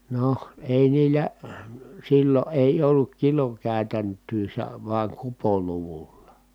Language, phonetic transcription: Finnish, noh , èi niillä , sillo ʼèi olluk kilokä̀y̬tänt̆tyy se vaᵉŋ kupoluvulla .
- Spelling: no ei niillä silloin ei ollut kilokäytäntöä se vain kupoluvulla

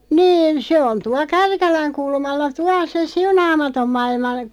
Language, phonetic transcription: Finnish, 'niin 'se on 'tua "Kärkäläŋ 'kulmalla "tuaˡ se "Siunaamatom 'mailma ,.
- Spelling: niin se on tuolla Kärkälän kulmalla tuolla se Siunaamaton maailma

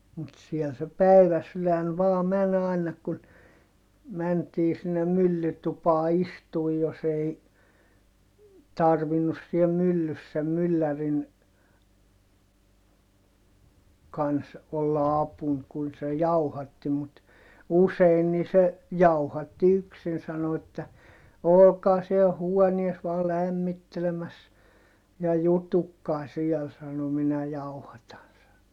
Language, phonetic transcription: Finnish, mut siɛl se päiväsylän vaa män ‿ài̮na kun , mäntii sinnem myllytupaa istuu jos ‿ei , tarvinnus siɛ myllys sem myllärin , kans , olla apun kun se jauhatti mut , usein nii se , jauhatti yksin sano että , » olokaa siel huonies vaa lämmittelemäs , ja jutukkaa siɛl » sano » minä jauhatan » sano .
- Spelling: mutta siellä se päiväsydän vain meni aina kun mentiin sinne myllytupaan istumaan jos ei tarvinnut siellä myllyssä sen myllärin kanssa olla apuna kun se jauhatti mutta usein niin se jauhatti yksin sanoi että olkaa siellä huoneessa vain lämmittelemässä ja jututkaa siellä sanoi minä jauhatan sanoi

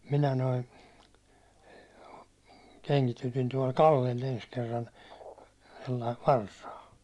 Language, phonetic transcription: Finnish, 'minä noi , 'keŋkitytin tuål 'Kallel ‿ens kerran̬ , sellaist 'varsaa .
- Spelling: minä nuo kengitytin tuolla Kallella ensi kerran sellaista varsaa

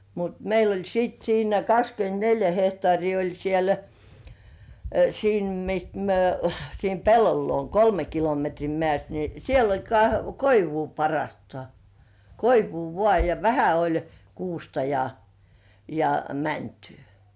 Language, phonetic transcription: Finnish, mut 'meil ‿oĺ siit 'siinä "kakskyent"neljä 'hehtŏàrii oĺ siel , "siim 'mist myö 'siim "pellol luon "kolme kilometrii 'mĕä̀st ni 'siel ‿oĺ ka- "koivuu parrŏàstŏà , "koivuu 'vŏà ja 'vähä oĺ "kuusta ja , ja 'mäntʏʏ .
- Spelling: mutta meillä oli sitten siinä kaksikymmentäneljä hehtaaria oli siellä siinä mistä me siinä pellon luona kolme kilometriä meistä niin siellä oli - koivua parhaastaan koivua vain ja vähän oli kuusta ja ja mäntyä

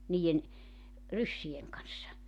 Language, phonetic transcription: Finnish, 'niijen , 'ryssi₍eŋ kanssa .
- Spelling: niiden ryssien kanssa

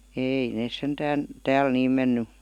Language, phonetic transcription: Finnish, 'eei nees 'sentään , "tääl 'niim menny .
- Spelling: ei ne sentään täällä niin mennyt

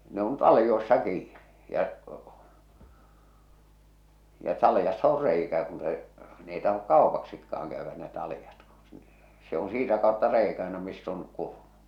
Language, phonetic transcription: Finnish, ne on 'talⁱjoi̬ssa 'kiiɴɪ , ja’ , ja 'talⁱjassa or "reikä kun se , n ‿ei tahok "kàopaksikkaaŋ käyvvä ne talⁱjat ku , se on 'siitä kàotta 'reikä ᴀᴇna miss ‿on , 'kurmu .
- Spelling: ne on taljoissa kiinni ja ja taljassa on reikä kun se ne ei tahdo kaupaksikaan käydä ne taljat kun se on siitä kautta reikä aina missä on kurmu

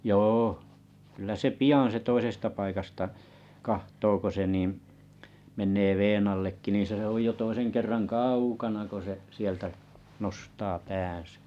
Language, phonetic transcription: Finnish, 'jôh , kyllä sᵉ "pijàn se 'toisesta 'paikasta , 'kahtoo ko se nìḭ , men̆nee "veen allekki ni se oj jo toiseŋ kerraŋ "kaaukana ko 'e , 'sieltä , nostaa pään̬sä .
- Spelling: joo kyllä se pian se toisesta paikasta katsoo kun se niin menee veden allekin niin se on jo toisen kerran kaukana kun se sieltä nostaa päänsä

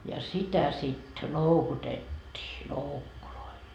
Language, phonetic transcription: Finnish, ja 'sitä sit "loukutet́t́ii "loukkuloil .
- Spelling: ja sitä sitten loukutettiin loukuilla

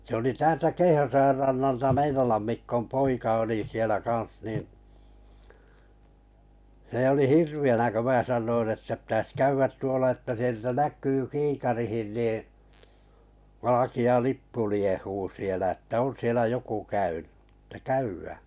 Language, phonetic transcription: Finnish, sᵉ oli 'täältä "Keihäsojar rannalta "Meinolam 'Mikkom 'poika oli 'sielä kaa̰s nin , n̬e oli "hirvi₍änä kö 'mää 'sannoin että pⁱtäs 'käyvvät 'tuola että sieltä 'näk̆yy "kiikarihin niiḭ , 'valaki₍a "lippu liehuu sielᵃ̈ ‿että 'on sielä 'joku 'käynʏ , ᴇttᴀ̈ "käywᴀ̈ᴀ̈ .
- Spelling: se oli täältä Keihäsojan rannalta Meinolan Mikon poika oli siellä kanssa niin se oli hirveänä kun minä sanoin että pitäisi käydä tuolla että sieltä näkyy kiikariin niin valkea lippu liehuu siellä että on siellä joku käynyt että käydään

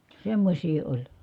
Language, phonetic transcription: Finnish, semmośii oĺ .
- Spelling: semmoisia oli

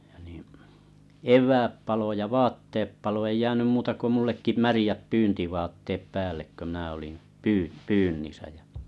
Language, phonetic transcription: Finnish, ja nì , "ev̀ääp palo ja "vatteep palo ei 'jäänym 'muuta ko 'mullekki "märⁱjäp "pyyntivaatteep 'päällek kö 'miⁿää olim 'pyy- 'pyynnissä jᴀ̈ .
- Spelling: ja niin eväät paloi ja vaatteet paloi ei jäänyt muuta kuin minullekin märät pyyntivaatteet päälle kun minä olin - pyynnissä ja

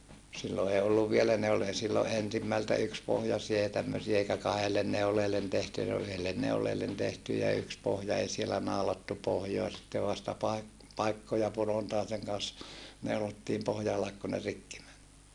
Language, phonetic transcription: Finnish, sillo ee olluv vielä ne ol e - sillo ʼensimmältä ykspohjasie ja tämmösie eikä kahellen neuleellen tehty(jä) se ol yhellen neuleellen tehty ja yks pohja ei sielä nàolattu pohjoa sittev vasta paik- , paikkoja punontaeseŋ kan̬s , neulottiim pohja alek ku ne rikki män .
- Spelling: silloin ei ollut vielä ne oli - silloin ensimmältä yksipohjaisia ja tämmöisiä eikä kahdelle neuleelle tehtyjä se oli yhdelle neuleelle tehty ja yksi pohja ei siellä naulattu pohjaa sitten vasta - paikkoja punontaisen kanssa neulottiin pohjan ale kun ne rikki meni

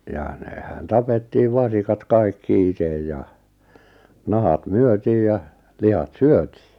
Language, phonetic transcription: Finnish, ja nehän 'tapettiiv 'vasikat 'kaikki 'itej ja , 'nahat "myötiij ja , 'lihat "syötɪɪ .
- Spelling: ja nehän tapettiin vasikat kaikki itse ja nahat myytiin ja lihat syötiin

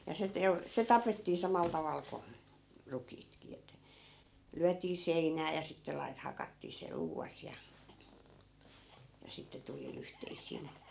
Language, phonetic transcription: Finnish, ja se 'teu- , se "tapettii 'samal 'taval ko , 'rukiitki ettᵃ̈ , 'lyät̀ii "sein̆nää ja sitte 'lai̮t- , 'hakattii se 'luuvas ja , ja 'sitte tuli 'lyhteis̆siin̬ .
- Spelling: ja se - se tapettiin samalla tavalla kuin rukiitkin että lyötiin seinään ja sitten - hakattiin se luuvassa ja ja sitten tuli lyhteisiin

